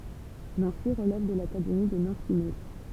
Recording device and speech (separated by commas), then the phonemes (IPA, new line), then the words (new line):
temple vibration pickup, read sentence
nɑ̃si ʁəlɛv də lakademi də nɑ̃si mɛts
Nancy relève de l'académie de Nancy-Metz.